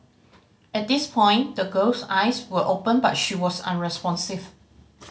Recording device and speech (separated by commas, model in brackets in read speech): mobile phone (Samsung C5010), read sentence